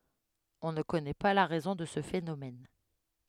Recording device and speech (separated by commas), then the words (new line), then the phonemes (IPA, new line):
headset microphone, read sentence
On ne connaît pas la raison de ce phénomène.
ɔ̃ nə kɔnɛ pa la ʁɛzɔ̃ də sə fenomɛn